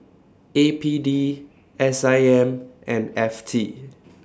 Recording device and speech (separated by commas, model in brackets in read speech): standing microphone (AKG C214), read sentence